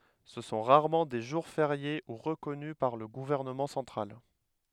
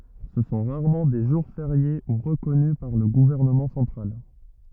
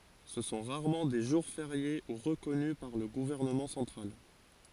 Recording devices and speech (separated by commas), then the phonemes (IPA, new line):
headset microphone, rigid in-ear microphone, forehead accelerometer, read sentence
sə sɔ̃ ʁaʁmɑ̃ de ʒuʁ feʁje u ʁəkɔny paʁ lə ɡuvɛʁnəmɑ̃ sɑ̃tʁal